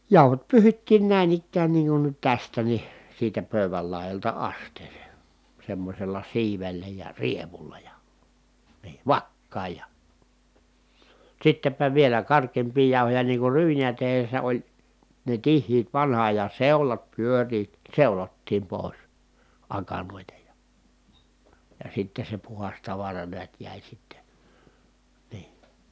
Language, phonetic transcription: Finnish, jàuhot pyyhittiin nä̀in ‿ikkään niiŋ kun nyt tästä ni , siitä pö̀y̬väl lài̮jalta ast̀eesè , semmośel̆la siivellä ja rievulla ja , NII vakkaaj ja ,. sittepä vielä kark̀eempii jàu̬hoja niiŋ kur ryynijä tehessä oĺ , ne tihhiit vanha ajan̬ seulat pyöriit , seulottiim pòi̮s , akanòita ja , ja sitte se puhas tavara neät jä̀i sitte , nii .
- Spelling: jauhot pyyhittiin näin ikään niin kuin nyt tästä niin siitä pöydän laidasta asteeseen semmoisella siivellä ja rievulla ja niin vakkaan ja sittenpä vielä karkeampia jauhoja niin kuin ryyniä tehdessä oli ne tiheät vanhan ajan seulat pyörivät seulottiin pois akanoita ja ja sitten se puhdas tavara näet jäi sitten niin

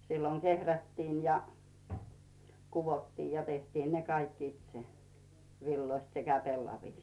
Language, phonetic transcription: Finnish, silloŋ 'kehrättiin̳ ja , 'kuvottiij ja 'tehtiin ne "kaikk ‿itse , 'villoist sekä 'pellavìst .
- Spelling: silloin kehrättiin ja kudottiin ja tehtiin ne kaikki itse villoista sekä pellavista

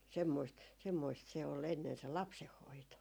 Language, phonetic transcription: Finnish, 'semmoist , 'semmoist se ol 'ennen se "lapseh'hoito .
- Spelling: semmoista semmoista se oli ennen se lapsenhoito

